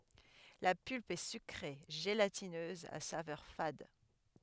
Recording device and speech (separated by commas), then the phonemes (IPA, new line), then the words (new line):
headset microphone, read sentence
la pylp ɛ sykʁe ʒelatinøz a savœʁ fad
La pulpe est sucrée, gélatineuse, à saveur fade.